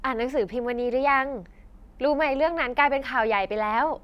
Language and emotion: Thai, happy